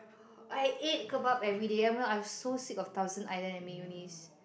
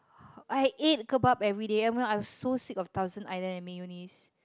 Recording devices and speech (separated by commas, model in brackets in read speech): boundary microphone, close-talking microphone, conversation in the same room